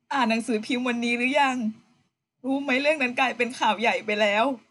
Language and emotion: Thai, sad